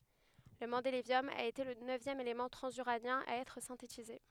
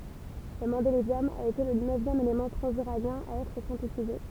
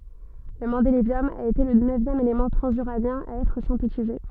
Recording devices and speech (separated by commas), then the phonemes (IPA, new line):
headset microphone, temple vibration pickup, soft in-ear microphone, read sentence
lə mɑ̃delevjɔm a ete lə nøvjɛm elemɑ̃ tʁɑ̃zyʁanjɛ̃ a ɛtʁ sɛ̃tetize